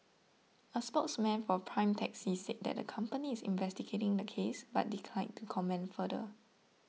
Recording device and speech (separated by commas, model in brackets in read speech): mobile phone (iPhone 6), read sentence